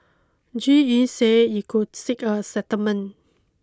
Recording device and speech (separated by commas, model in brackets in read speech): close-talking microphone (WH20), read sentence